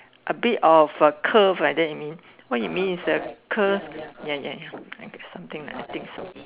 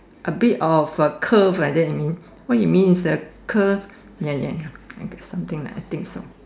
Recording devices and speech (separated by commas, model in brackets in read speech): telephone, standing microphone, conversation in separate rooms